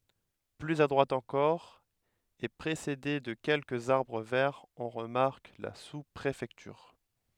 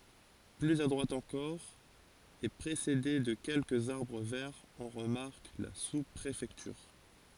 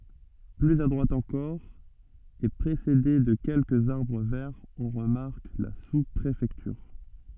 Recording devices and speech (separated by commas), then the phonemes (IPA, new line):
headset microphone, forehead accelerometer, soft in-ear microphone, read sentence
plyz a dʁwat ɑ̃kɔʁ e pʁesede də kɛlkəz aʁbʁ vɛʁz ɔ̃ ʁəmaʁk la suspʁefɛktyʁ